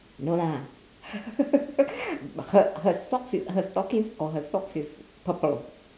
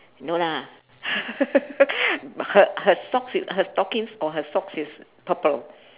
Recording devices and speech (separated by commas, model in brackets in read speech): standing microphone, telephone, conversation in separate rooms